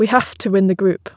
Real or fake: real